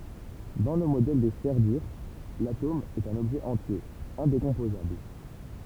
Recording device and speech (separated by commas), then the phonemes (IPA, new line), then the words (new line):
temple vibration pickup, read sentence
dɑ̃ lə modɛl de sfɛʁ dyʁ latom ɛt œ̃n ɔbʒɛ ɑ̃tje ɛ̃dekɔ̃pozabl
Dans le modèle des sphères dures, l’atome est un objet entier, indécomposable.